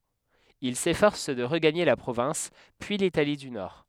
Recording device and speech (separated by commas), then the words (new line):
headset microphone, read sentence
Il s'efforce de regagner la province, puis l'Italie du Nord.